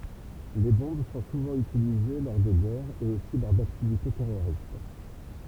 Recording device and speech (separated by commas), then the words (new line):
temple vibration pickup, read sentence
Les bombes sont souvent utilisées lors de guerres, et aussi lors d'activités terroristes.